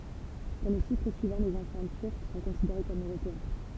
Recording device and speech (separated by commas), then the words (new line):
temple vibration pickup, read sentence
Dans les chiffres suivants, les enfants turcs sont considérés comme européens.